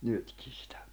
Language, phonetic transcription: Finnish, 'nytkɪɴ̬ sɪtᴀ̈ .
- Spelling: nytkin sitä

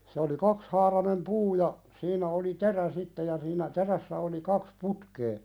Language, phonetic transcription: Finnish, se oli "kakshaaranem 'puu ja , 'siiǹä oli "terä sitte ja siinä 'terässä oli 'kaks "putkee .
- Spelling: se oli kaksihaarainen puu ja siinä oli terä sitten ja siinä terässä oli kaksi putkea

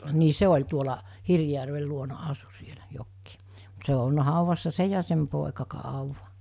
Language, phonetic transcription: Finnish, nii "se oĺ tuola , 'Hirvjärvel luona 'asu 'sielä , 'jokkii , ᴍᴜt se o olna 'hàuvassa "se ja ja sem 'pòeka "kàuva .
- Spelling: niin se oli tuolla Hirvijärven luona asui siellä jokin mutta se on ollut haudassa se ja ja sen poika kauan

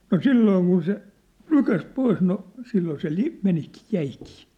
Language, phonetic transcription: Finnish, no "sillooŋ kun se , "nykäs 'pois no , silloo se 'li- , 'menikii , 'jäikii .
- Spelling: no silloin kun se nykäisi pois no silloin se - menikin jäikin

